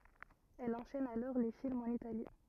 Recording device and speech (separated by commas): rigid in-ear microphone, read sentence